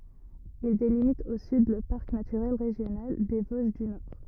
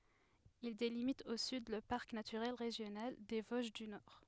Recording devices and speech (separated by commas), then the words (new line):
rigid in-ear microphone, headset microphone, read sentence
Il délimite au sud le parc naturel régional des Vosges du Nord.